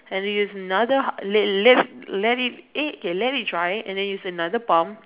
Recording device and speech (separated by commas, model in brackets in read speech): telephone, conversation in separate rooms